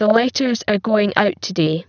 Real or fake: fake